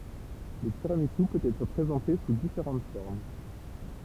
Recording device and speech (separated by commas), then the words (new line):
temple vibration pickup, read sentence
Le tiramisu peut être présenté sous différentes formes.